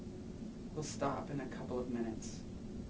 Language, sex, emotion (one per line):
English
male
neutral